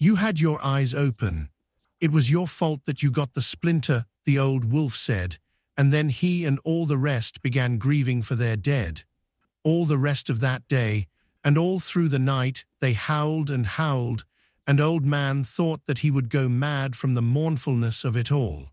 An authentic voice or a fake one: fake